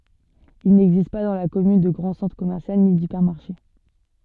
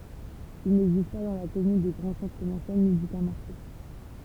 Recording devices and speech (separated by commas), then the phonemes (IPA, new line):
soft in-ear microphone, temple vibration pickup, read sentence
il nɛɡzist pa dɑ̃ la kɔmyn də ɡʁɑ̃ sɑ̃tʁ kɔmɛʁsjal ni dipɛʁmaʁʃe